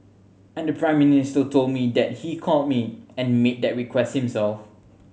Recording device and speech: mobile phone (Samsung C7100), read sentence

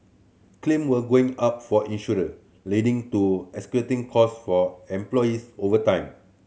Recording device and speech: mobile phone (Samsung C7100), read sentence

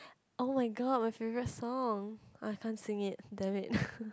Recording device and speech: close-talking microphone, conversation in the same room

